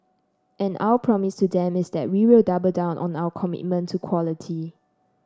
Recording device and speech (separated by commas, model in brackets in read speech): standing microphone (AKG C214), read sentence